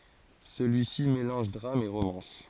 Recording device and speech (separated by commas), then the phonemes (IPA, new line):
forehead accelerometer, read sentence
səlyisi melɑ̃ʒ dʁam e ʁomɑ̃s